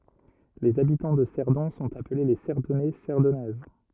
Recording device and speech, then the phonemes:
rigid in-ear microphone, read sentence
lez abitɑ̃ də sɛʁdɔ̃ sɔ̃t aple le sɛʁdɔnɛ sɛʁdɔnɛz

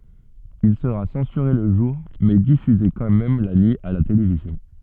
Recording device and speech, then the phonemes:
soft in-ear microphone, read sentence
il səʁa sɑ̃syʁe lə ʒuʁ mɛ difyze kɑ̃ mɛm la nyi a la televizjɔ̃

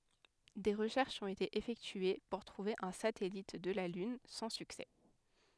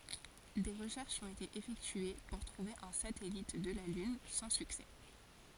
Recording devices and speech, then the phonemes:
headset microphone, forehead accelerometer, read sentence
de ʁəʃɛʁʃz ɔ̃t ete efɛktye puʁ tʁuve œ̃ satɛlit də la lyn sɑ̃ syksɛ

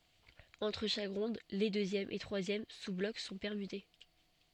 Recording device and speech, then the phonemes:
soft in-ear microphone, read sentence
ɑ̃tʁ ʃak ʁɔ̃d le døzjɛm e tʁwazjɛm suzblɔk sɔ̃ pɛʁmyte

